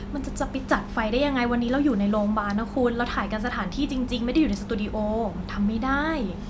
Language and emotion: Thai, frustrated